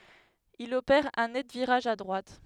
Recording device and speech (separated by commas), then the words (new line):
headset microphone, read sentence
Il opère un net virage à droite.